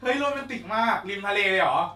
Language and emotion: Thai, happy